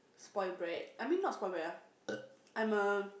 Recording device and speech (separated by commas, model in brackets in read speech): boundary microphone, conversation in the same room